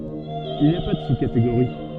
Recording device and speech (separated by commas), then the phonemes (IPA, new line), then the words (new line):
soft in-ear microphone, read sentence
il ni a pa də suskateɡoʁi
Il n’y a pas de sous-catégorie.